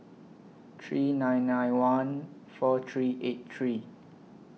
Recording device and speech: mobile phone (iPhone 6), read sentence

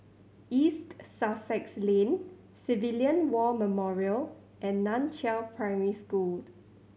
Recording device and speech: mobile phone (Samsung C7100), read sentence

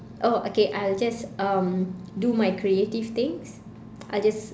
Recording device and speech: standing microphone, conversation in separate rooms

